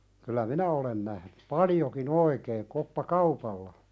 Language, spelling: Finnish, kyllä minä olen nähnyt paljonkin oikein koppakaupalla
- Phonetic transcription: kyl̆lä "minä olen nähny , 'paljoki'n ‿oikeeⁿ koppa"kaupalla .

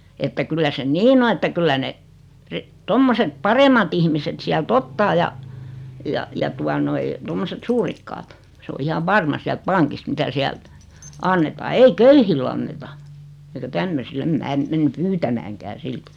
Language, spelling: Finnish, että kyllä se niin on että kyllä ne - tuommoiset paremmat ihmiset sieltä ottaa ja ja ja tuota noin tuommoiset suurikkaat se on ihan varma sieltä pankista mitä sieltä annetaan ei köyhille anneta eikä tämmöisille en minä mene pyytämäänkään silti
- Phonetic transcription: että 'kyllä se "niin ‿o että 'kyllä ne , 'ri- , 'tommoset "paremat ‿ihmiset 'siäl"t ‿ottaa ja , ja ja 'tua noi , tommoset 'suurikkaat , s ‿o 'ihav "varma siält "paŋkist 'mitä 'siält , "annetaa 'ei "köy-hill ‿anneta , eikä 'tämmösi'l ‿em "mää , men̳ 'pyytämääŋkää "siltɪ .

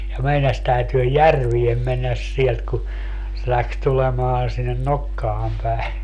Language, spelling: Finnish, ja meinasi täytyä järveen mennä sieltä kun se lähti tulemaan sinne nokkaan päin
- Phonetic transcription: ja 'meinas täytyö "järviem mennäs 'sielt ku , se 'läks 'tulemaan sinnen "nokkaam päi̮ .

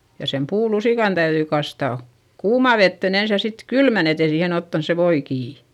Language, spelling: Finnish, ja sen puulusikan täytyi kastaa kuumaan veteen ensin ja sitten kylmään että ei siihen ottanut se voi kiinni
- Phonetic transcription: ja sem puulusìkan täyδyi kastà , kuumà vettèn ‿ens ja sit , kylmän ‿et ‿ei siihen ‿ottans se voi kii .

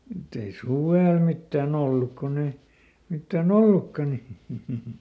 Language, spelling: Finnish, mutta ei suvella mitään ollut kun ei mitään ollutkaan niin
- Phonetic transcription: mutt ‿ei "suvèl ˈmittääˈn ‿olluk konn ‿ei , ˈmittä̀"n ollukka ni .

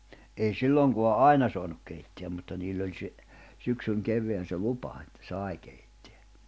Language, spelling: Finnish, ei silloinkaan aina saanut keittää mutta niillä oli se syksyn kevään se lupa että sai keittää
- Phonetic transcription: ei 'silloŋko̬a "’aina soanuk keitteäm mutta 'niil̜l̜ ‿oĺ se , 'syksyŋ 'kev̆veän se "lupa etᴛᴀ̈ 'sài keittᴇᴀ̈ .

